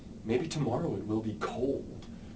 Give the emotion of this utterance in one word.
neutral